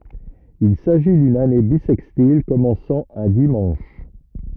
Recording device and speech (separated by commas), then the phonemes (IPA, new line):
rigid in-ear microphone, read sentence
il saʒi dyn ane bisɛkstil kɔmɑ̃sɑ̃ œ̃ dimɑ̃ʃ